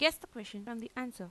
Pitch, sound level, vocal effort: 235 Hz, 89 dB SPL, normal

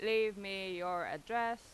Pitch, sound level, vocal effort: 210 Hz, 93 dB SPL, very loud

